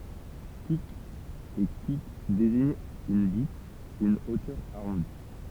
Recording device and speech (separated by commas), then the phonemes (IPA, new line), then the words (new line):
temple vibration pickup, read sentence
kyk e kyk deziɲt yn byt yn otœʁ aʁɔ̃di
Cuq et Cucq désignent une butte, une hauteur arrondie.